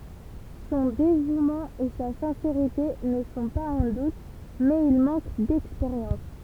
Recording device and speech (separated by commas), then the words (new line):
temple vibration pickup, read sentence
Son dévouement et sa sincérité ne sont pas en doute, mais il manque d'expérience.